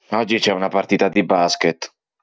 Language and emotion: Italian, neutral